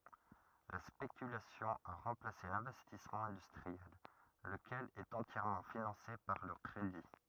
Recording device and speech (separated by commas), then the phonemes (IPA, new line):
rigid in-ear microphone, read sentence
la spekylasjɔ̃ a ʁɑ̃plase lɛ̃vɛstismɑ̃ ɛ̃dystʁiɛl ləkɛl ɛt ɑ̃tjɛʁmɑ̃ finɑ̃se paʁ lə kʁedi